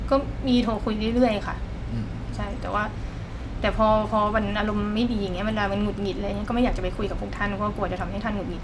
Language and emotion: Thai, frustrated